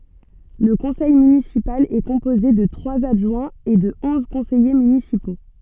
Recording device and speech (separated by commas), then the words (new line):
soft in-ear microphone, read sentence
Le conseil municipal est composé de trois adjoints et de onze conseillers municipaux.